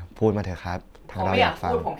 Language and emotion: Thai, neutral